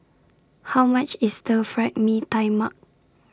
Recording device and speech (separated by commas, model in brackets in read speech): standing microphone (AKG C214), read sentence